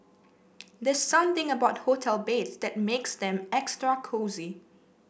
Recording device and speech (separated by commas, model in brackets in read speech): boundary microphone (BM630), read sentence